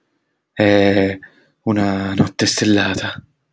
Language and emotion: Italian, fearful